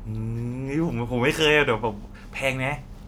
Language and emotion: Thai, happy